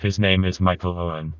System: TTS, vocoder